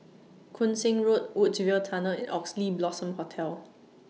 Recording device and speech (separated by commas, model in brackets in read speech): mobile phone (iPhone 6), read sentence